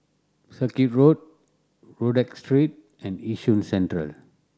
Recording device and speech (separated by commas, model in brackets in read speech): standing microphone (AKG C214), read sentence